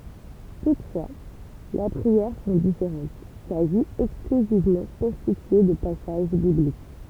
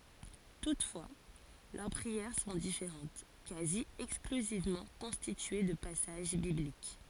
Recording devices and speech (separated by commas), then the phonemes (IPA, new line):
temple vibration pickup, forehead accelerometer, read sentence
tutfwa lœʁ pʁiɛʁ sɔ̃ difeʁɑ̃t kazi ɛksklyzivmɑ̃ kɔ̃stitye də pasaʒ biblik